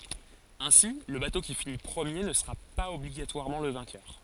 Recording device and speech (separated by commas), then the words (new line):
forehead accelerometer, read sentence
Ainsi, le bateau qui finit premier ne sera pas obligatoirement le vainqueur.